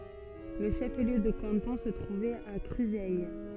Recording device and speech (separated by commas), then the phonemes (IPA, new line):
soft in-ear microphone, read sentence
lə ʃəfliø də kɑ̃tɔ̃ sə tʁuvɛt a kʁyzɛj